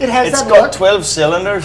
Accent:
scottish accent